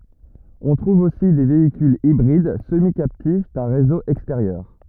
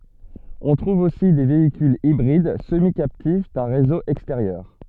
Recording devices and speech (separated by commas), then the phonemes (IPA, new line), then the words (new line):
rigid in-ear microphone, soft in-ear microphone, read sentence
ɔ̃ tʁuv osi de veikylz ibʁid səmikaptif dœ̃ ʁezo ɛksteʁjœʁ
On trouve aussi des véhicules hybrides semi-captifs d'un réseau extérieur.